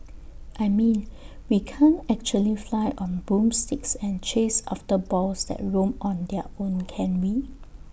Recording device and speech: boundary microphone (BM630), read sentence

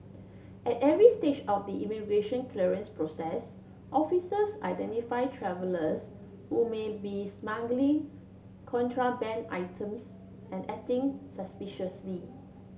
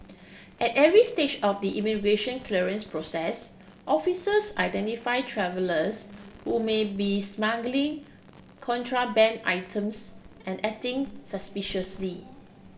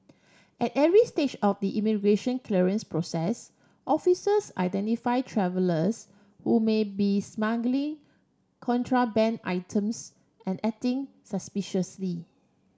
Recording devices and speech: mobile phone (Samsung C7), boundary microphone (BM630), standing microphone (AKG C214), read sentence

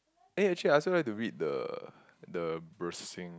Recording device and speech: close-talking microphone, conversation in the same room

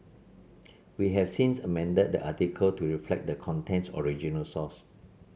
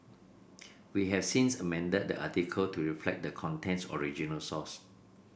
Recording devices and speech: mobile phone (Samsung C7), boundary microphone (BM630), read sentence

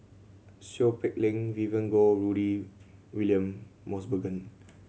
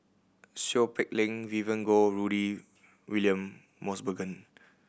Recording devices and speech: mobile phone (Samsung C7100), boundary microphone (BM630), read sentence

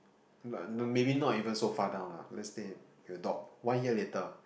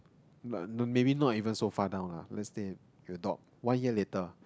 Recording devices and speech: boundary microphone, close-talking microphone, conversation in the same room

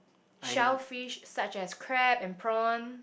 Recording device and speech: boundary microphone, conversation in the same room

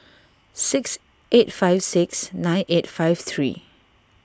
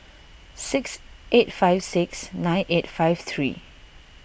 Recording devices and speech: standing microphone (AKG C214), boundary microphone (BM630), read sentence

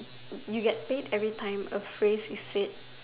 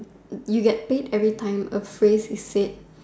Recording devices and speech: telephone, standing microphone, conversation in separate rooms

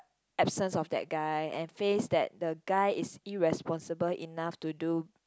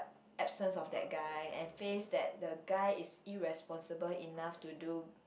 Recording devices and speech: close-talking microphone, boundary microphone, conversation in the same room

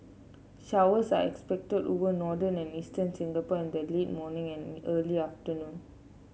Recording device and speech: mobile phone (Samsung C7), read sentence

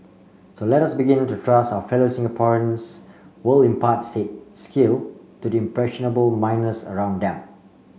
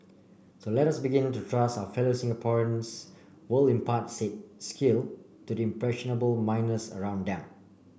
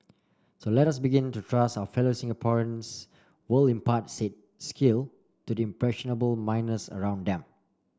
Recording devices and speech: mobile phone (Samsung C5), boundary microphone (BM630), standing microphone (AKG C214), read sentence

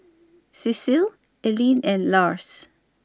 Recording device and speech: standing microphone (AKG C214), read sentence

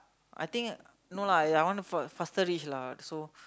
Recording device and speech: close-talking microphone, conversation in the same room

